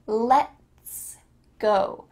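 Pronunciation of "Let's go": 'Let's go' is said slowly and clearly.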